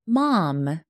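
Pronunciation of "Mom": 'Mom' is said in an American accent.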